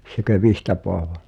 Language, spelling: Finnish, sekö Vihta-Paavo
- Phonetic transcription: 'sekö "Vihtapoavo ?

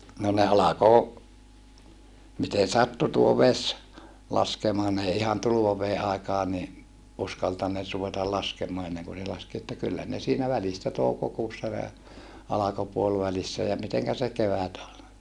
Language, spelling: Finnish, no ne alkoi miten sattui tuo vesi laskemaan ne ei ihan tulvaveden aikaan niin uskaltaneet ruveta laskemaan ennen kuin se laski että kyllä ne siinä välistä toukokuussa ne alkoi puolivälissä ja miten se kevät oli
- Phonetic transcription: no ne alako , miten̬ sattu tuo ves , laskemaa n ‿ei ihan tuluvavee ʼàikaa ni , uskaltanneet ruvetal laskemoa enneŋku se laski että kyllä ne siinä välistä toukokuussa ne , alako puolvälissä ja miteŋkä se kevät ol .

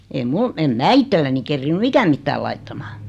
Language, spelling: Finnish, ei minulla en minä itselleni kerinnyt ikänä mitään laittamaan
- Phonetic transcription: ei 'mul , em 'mää "ittelläni 'kerrinny "ikäm 'mittääl laittamᴀᴀ .

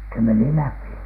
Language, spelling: Finnish, se meni läpi
- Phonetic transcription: se meni "läpi .

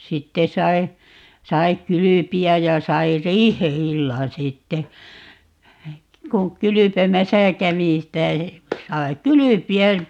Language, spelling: Finnish, sitten sai sai kylpeä ja sai riihi-illan sitten kun kylpemässä kävi sitä sai kylpeä
- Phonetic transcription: 'sitte 'sai̮ , 'sai "kylypi₍äj̆ ja 'sai "riihe₍'illan 'sitte , 'kuŋ "kylypemäsä 'kävi sitä , 'sai "kylypi₍ä ,.

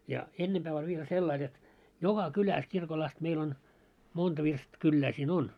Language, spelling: Finnish, ja ennempää oli vielä sillä lailla jotta joka kylässä kirkolla asti meillä on monta - virstakylää siinä on
- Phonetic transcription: ja , 'ennemʙää oĺ viel 'sellail jot , "joka 'kyläs kirkol ast meil ‿on , 'monta virst- , 'kyllää siin 'on ?

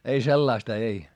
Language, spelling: Finnish, ei sellaista ei
- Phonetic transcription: ei sellaista ei .

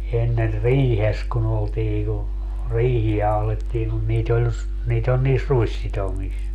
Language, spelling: Finnish, ennen riihessä kun oltiin kun riihiä ahdettiin kun niitä oli - niitä oli niissä ruissitomissa
- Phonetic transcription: enner "riihes ku'n ‿oltii ku , 'riihi₍ä ahlettiiŋ kun 'niit ‿ol ‿s- , 'niit ‿ol niis "ruissitomis .

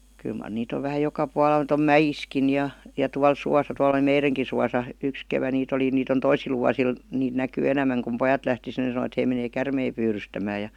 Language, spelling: Finnish, kyllä mar niitä on vähän joka puolella niitä on mäissäkin ja ja tuolla suossa tuolla oli meidänkin suossa yksi kevät niitä oli niitä on toisilla vuosilla niitä näkyy enemmän kun pojat lähti sinne sanoivat he menee käärmeitä pyydystämään ja
- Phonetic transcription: kyl mar 'niit ‿ov vähä 'joka 'puala [nii]t ‿om "mäjiskin ja , ja 'tual 'suasa tual ‿°li "meireŋki suasa , 'yks kevä niit ‿oli 'niit ‿on "tois̆sil 'vuasil , 'niit näkyy 'enämmäŋ kum 'pojat lähti (sinne sanᵒⁱvat) 'hei menee "kärmei 'pyyrystämää ja ,.

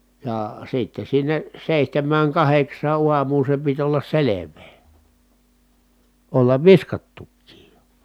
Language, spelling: Finnish, ja sitten sinne seitsemään kahdeksaan aamuun se piti olla selvää olla viskattukin jo
- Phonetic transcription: jà , sitte sinne , sèihtämmääŋ kaheks̀aa uam̀uun̬ se pit ollas selev̀ee , ollav viskattukkiij jO .

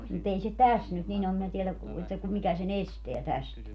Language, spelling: Finnish, mutta ei se tässä nyt niin ole minä tiedä kun että kun mikä sen estää tästä
- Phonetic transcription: mu't ‿ei se "täs nyt 'nin ‿om minä 'tielä ku - että ku - 'mikä se"n ‿esteä 'tästä .

